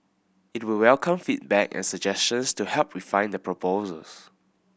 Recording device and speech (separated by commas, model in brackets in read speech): boundary microphone (BM630), read sentence